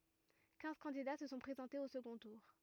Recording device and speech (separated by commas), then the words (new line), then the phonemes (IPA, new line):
rigid in-ear microphone, read sentence
Quinze candidats se sont présentés au second tour.
kɛ̃z kɑ̃dida sə sɔ̃ pʁezɑ̃tez o səɡɔ̃ tuʁ